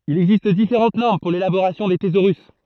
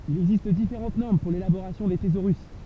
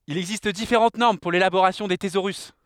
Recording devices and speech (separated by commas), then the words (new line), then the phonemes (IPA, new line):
throat microphone, temple vibration pickup, headset microphone, read sentence
Il existe différentes normes pour l'élaboration des thésaurus.
il ɛɡzist difeʁɑ̃t nɔʁm puʁ lelaboʁasjɔ̃ de tezoʁys